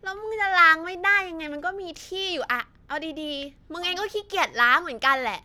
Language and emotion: Thai, frustrated